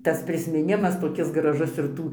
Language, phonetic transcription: Lithuanian, tas prismiˈnimas toˈkis graˈžus ir ˈtų

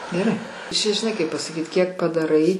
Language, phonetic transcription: Lithuanian, geˈrai čia žiˈnai kaip pasaˈkyt kiek padaˈrai

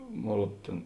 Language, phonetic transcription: Lithuanian, ˈmon ˈruod ˈtėn

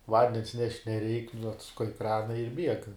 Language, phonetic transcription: Lithuanian, ˈvandens nešt' neˈreik nu atsuˈkai ˈkrana ir bieg

